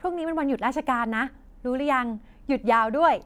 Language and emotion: Thai, happy